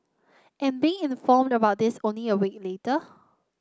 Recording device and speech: close-talking microphone (WH30), read sentence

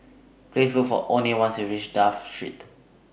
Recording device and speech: boundary microphone (BM630), read sentence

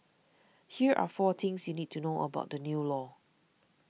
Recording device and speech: mobile phone (iPhone 6), read sentence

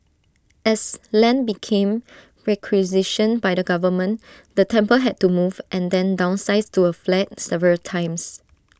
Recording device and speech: standing microphone (AKG C214), read sentence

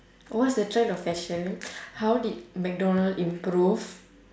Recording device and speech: standing microphone, conversation in separate rooms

